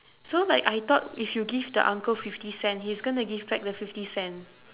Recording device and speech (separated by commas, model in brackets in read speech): telephone, conversation in separate rooms